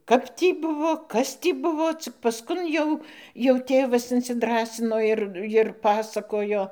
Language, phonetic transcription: Lithuanian, ˈkap tį ˈbuvo ˈkas tį ˈbuvo ˈcik pasˈkun jau jau ˈtėvas insiˈdrąsino ir ir ˈpasakojo

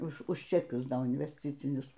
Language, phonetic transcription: Lithuanian, ˈuž už čeˈkius ˈdo invesˈcicinius

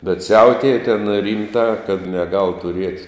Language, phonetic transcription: Lithuanian, bet ˈsiautėja ten ˈrymtā kad neˈgal tuˈriet'

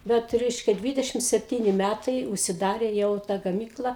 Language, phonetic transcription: Lithuanian, ˈbet ˈreiškia ˈdvidešim sepˈtyni ˈmætai užsiˈdarė ˈjau ˈta gaˈmykla

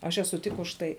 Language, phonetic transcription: Lithuanian, aš eˈsuˈ tik už ˈtai

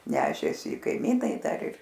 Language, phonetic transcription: Lithuanian, ˈnešėsi i kaiˈmynai ˈdar ir

